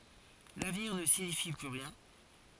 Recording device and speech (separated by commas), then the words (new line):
forehead accelerometer, read sentence
L’avenir ne signifie plus rien.